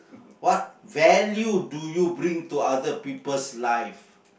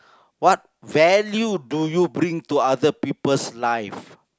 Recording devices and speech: boundary microphone, close-talking microphone, conversation in the same room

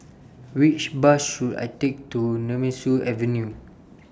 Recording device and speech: standing microphone (AKG C214), read sentence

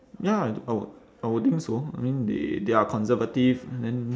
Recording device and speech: standing microphone, conversation in separate rooms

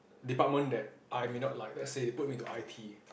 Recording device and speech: boundary microphone, conversation in the same room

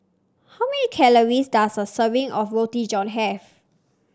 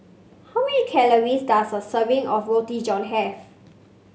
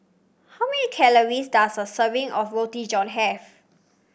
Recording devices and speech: standing microphone (AKG C214), mobile phone (Samsung C5), boundary microphone (BM630), read sentence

